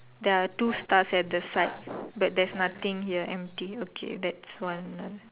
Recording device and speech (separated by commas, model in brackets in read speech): telephone, conversation in separate rooms